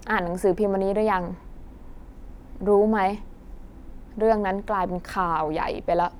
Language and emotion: Thai, frustrated